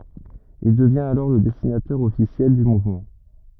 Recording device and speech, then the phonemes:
rigid in-ear microphone, read sentence
il dəvjɛ̃t alɔʁ lə dɛsinatœʁ ɔfisjɛl dy muvmɑ̃

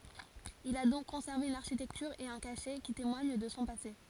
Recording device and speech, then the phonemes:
forehead accelerometer, read sentence
il a dɔ̃k kɔ̃sɛʁve yn aʁʃitɛktyʁ e œ̃ kaʃɛ ki temwaɲ də sɔ̃ pase

